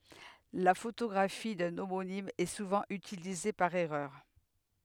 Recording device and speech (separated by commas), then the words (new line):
headset microphone, read sentence
La photographie d'un homonyme est souvent utilisée par erreur.